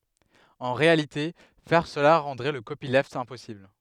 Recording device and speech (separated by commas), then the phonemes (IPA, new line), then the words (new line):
headset microphone, read sentence
ɑ̃ ʁealite fɛʁ səla ʁɑ̃dʁɛ lə kopilft ɛ̃pɔsibl
En réalité, faire cela rendrait le copyleft impossible.